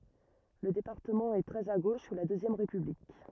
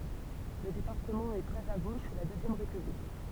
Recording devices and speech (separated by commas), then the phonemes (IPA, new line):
rigid in-ear microphone, temple vibration pickup, read sentence
lə depaʁtəmɑ̃ ɛ tʁɛz a ɡoʃ su la døzjɛm ʁepyblik